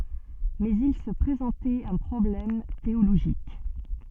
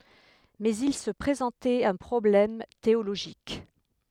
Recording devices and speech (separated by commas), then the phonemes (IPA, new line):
soft in-ear microphone, headset microphone, read sentence
mɛz il sə pʁezɑ̃tɛt œ̃ pʁɔblɛm teoloʒik